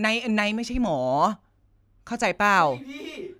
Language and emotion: Thai, frustrated